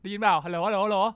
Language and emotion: Thai, neutral